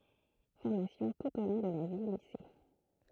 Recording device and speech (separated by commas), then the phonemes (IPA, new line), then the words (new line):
throat microphone, read sentence
fɔʁmasjɔ̃ tut o lɔ̃ də la vjəlise
Formations tout au long de la vie-Lycées.